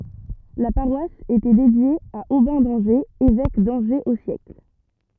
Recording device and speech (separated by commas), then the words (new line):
rigid in-ear microphone, read sentence
La paroisse était dédiée à Aubin d'Angers, évêque d'Angers au siècle.